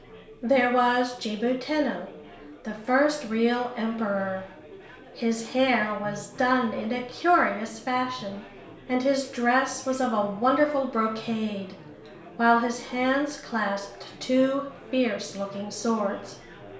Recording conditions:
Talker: one person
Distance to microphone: 1.0 m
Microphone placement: close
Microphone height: 1.1 m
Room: small (3.7 m by 2.7 m)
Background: babble

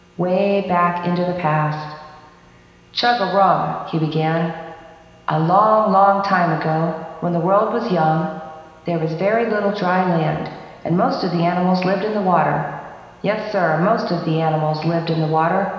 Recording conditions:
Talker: one person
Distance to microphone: 1.7 m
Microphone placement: close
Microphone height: 1.0 m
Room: very reverberant, large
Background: none

